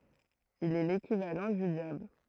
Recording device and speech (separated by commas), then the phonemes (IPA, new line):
throat microphone, read sentence
il ɛ lekivalɑ̃ dy djabl